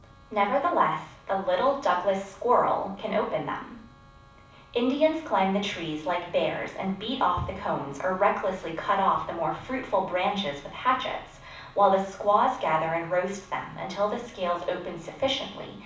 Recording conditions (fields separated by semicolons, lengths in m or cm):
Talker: one person; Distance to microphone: 5.8 m; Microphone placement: far; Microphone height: 1.8 m; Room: medium-sized (5.7 m by 4.0 m); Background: none